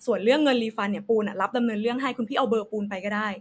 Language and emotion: Thai, neutral